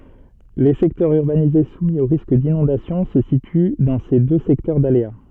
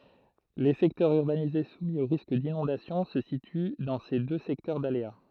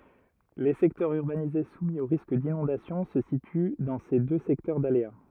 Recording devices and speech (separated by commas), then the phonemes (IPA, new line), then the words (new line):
soft in-ear microphone, throat microphone, rigid in-ear microphone, read sentence
le sɛktœʁz yʁbanize sumi o ʁisk dinɔ̃dasjɔ̃ sə sity dɑ̃ se dø sɛktœʁ dalea
Les secteurs urbanisés soumis au risque d’inondation se situent dans ces deux secteurs d’aléas.